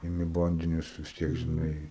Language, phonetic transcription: Lithuanian, iˈmi ˈbandinius vis ˈtiek žiˈnai

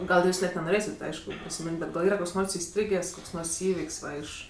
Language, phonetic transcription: Lithuanian, gal ˈjūs net nenoˈrėsit ˈaišku prisiˈmin't' ˈbet gal ˈyra ˈkoks ˈnors iˈstrygės' ˈkoks ˈnors ˈįvik's' ˈva iš

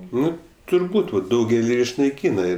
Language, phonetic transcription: Lithuanian, ˈnu turˈbūt o ˈdaugeli išnaiˈkyna

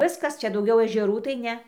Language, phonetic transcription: Lithuanian, ˈviskas ˈčia dauˈgiau ežeˈrų tai ˈne

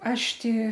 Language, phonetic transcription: Lithuanian, ˈaš ˈti

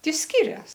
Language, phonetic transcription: Lithuanian, ˈti ˈskirias

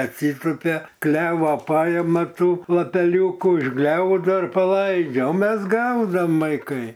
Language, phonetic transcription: Lithuanian, atˈsytupia ˈklevo ˈpaima ˈtų lapeˈliūku išˈgliaudo paˈlaidžia o ˈmes ˈgaudom vaiˈkai

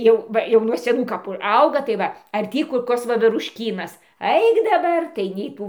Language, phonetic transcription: Lithuanian, ˈjau ˈva jau nuo seˈnų kaˈpų ˈauga tai ˈva ar ˈtį kur ˈkos vaverušˈkynas ˈaik daˈbar tai nei ˈtų

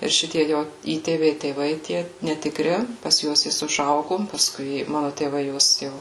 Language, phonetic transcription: Lithuanian, ir ˈšitie ˈjo ˈįtėviai tėˈvai tie netikˈri pas ˈjuos ˈjis užˈaugu paˈskui ˈmanu tėˈvai ˈjuos ˈjau

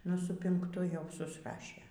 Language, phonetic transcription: Lithuanian, ˈnu su pinkˈtu jau susˈrašė

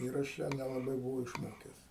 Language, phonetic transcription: Lithuanian, ˈir ašˈ ją nelaˈbai buˈvau išˈmokes

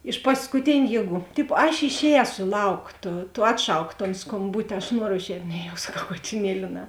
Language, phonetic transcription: Lithuanian, iš paskuˈtėniu ˈjieˌgų ˈtipo aš išˈēso i ˈlauk ˈto to ˈatˌšauk ton skomˈbuti aš ˈnuoro išˈēt' ˈne jau saˈkau ˈkatiˌnieli ne

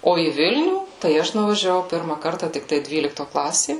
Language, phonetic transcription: Lithuanian, ˈo į ˈvilnių tai ˈaš nuvažiaˈvau ˈpirma ˈkarta tikˈtai ˈdvylikto ˈklasė

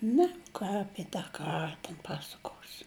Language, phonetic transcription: Lithuanian, ˈne ˈką ˈapie tą ˈkara ten ˈpasakosi

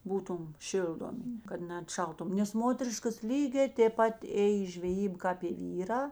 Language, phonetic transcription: Lithuanian, ˈbūtum ˈšildomi kad neatˈšaltum nes ˈmoteriškas ˈlygē tėp ˈpat ˈėj i žveˈjyba kāp i ˈvyrā

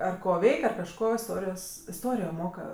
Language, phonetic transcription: Lithuanian, ˈar ˈko ˈveik' ar kažˈko iˈstorijos iˈstorijo ˈmoka

